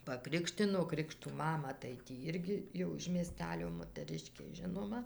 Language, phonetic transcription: Lithuanian, paˈkrikštino ˈkrikštų ˈmama tai tį ˈirgi jau iš mieˈstelio motəˈriškė ˈžinoma

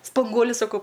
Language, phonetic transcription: Lithuanian, spanˈguoliu saˈkau

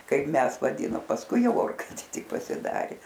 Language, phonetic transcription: Lithuanian, ˈkaip ˈmes vaˈdynom pasˈkui ˈjau ˈorkaitė ˈtik pasiˈdarė

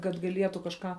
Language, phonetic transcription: Lithuanian, kad gaˈlietu kažˈką

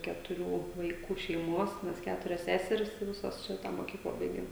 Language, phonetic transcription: Lithuanian, ketuˈrių vaiˈkų šeiˈmuos ˈmes ˈketurias ˈseseris i ˈvisos ˈšitą moˈkyklą ˈbaigėm

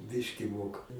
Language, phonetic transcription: Lithuanian, ˈbiški ˈmoka

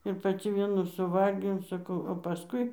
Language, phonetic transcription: Lithuanian, ir paˈci ˈvienų suˈvalgiau saˈkau o paˈskui

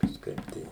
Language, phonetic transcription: Lithuanian, kažˈkaip tai

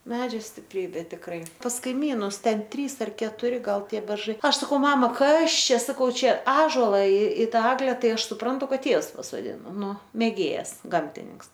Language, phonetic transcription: Lithuanian, ˈmedžio stipˈrybė tikˈrai pas kaiˈmynus ˈten ˈtrys ar ketuˈri ˈgal ˈtie berˈžai ˈaš saˈkau ˈmama ˈkas ˈčia saˈkau ˈčia ˈąžola i i ˈtą ˈegle ˈtai ˈaš suˈprantu ˈkad ˈtievs pasoˈdino ˈnu mėˈgėjas ˈgamtininks

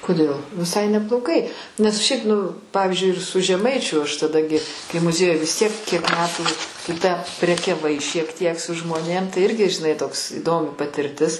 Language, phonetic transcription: Lithuanian, koˈdėl viˈsai nebloˈgai nes ˈšiaip nu ˈpavyzdžiui ir su žeˈmaičiu aš taˈda gi kai muˈziejuj vis tiek kiek ˈmetų tu tę prekiaˈvai šiek ˈtiek su žmoˈnėm tai ˈirgi žiˈnai ˈtoks įˈdomi patirˈtis

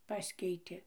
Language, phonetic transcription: Lithuanian, ˈpaskeitė

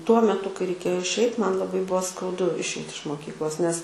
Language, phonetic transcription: Lithuanian, tuo meˈtu kai reiˈkėjo išˈeit ˈman laˈbai ˈbuvo skauˈdu išˈeit iš moˈkyklos nes

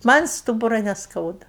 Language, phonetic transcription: Lithuanian, ˈman' ˈstūbura nesˈkauda

